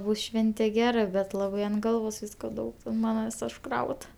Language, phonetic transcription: Lithuanian, ˈbus ˈšvente ˈgera bet ˈlabai ant ˈgalvos ˈvysko ˈdaug ant ˈmana vys užˈkraut

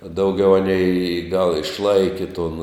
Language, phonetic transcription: Lithuanian, dauˈgiau ˈanei y gal išˈlaiki ton

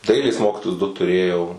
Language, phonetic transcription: Lithuanian, ˈdailės ˈmokytojus du tuˈrėjau

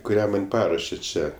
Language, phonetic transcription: Lithuanian, kuˈrią man' ˈparuošė ˈčia

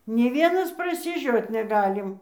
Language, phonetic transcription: Lithuanian, nė ˈvienas prasiˈžiot neˈgalim

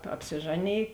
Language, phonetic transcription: Lithuanian, apsiˈžaˌnėj

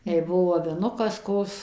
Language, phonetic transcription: Lithuanian, jei ˈbuvo aviˈnukas ˈkos

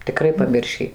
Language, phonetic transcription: Lithuanian, tiˈkrai paˈmiršį

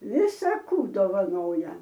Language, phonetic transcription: Lithuanian, ˈvisa ˈkų dovaˈnoja

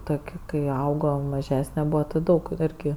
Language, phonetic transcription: Lithuanian, ˈtok' kai ˈaugo maˈžesne ˈbūva ˈti ˈdaug ˈirgi

